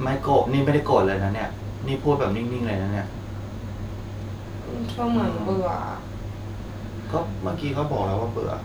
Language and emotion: Thai, frustrated